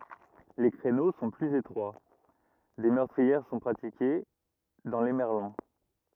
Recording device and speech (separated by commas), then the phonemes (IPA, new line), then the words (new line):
rigid in-ear microphone, read sentence
le kʁeno sɔ̃ plyz etʁwa de mœʁtʁiɛʁ sɔ̃ pʁatike dɑ̃ le mɛʁlɔ̃
Les créneaux sont plus étroits, des meurtrières sont pratiquées dans les merlons.